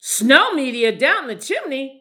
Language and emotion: English, fearful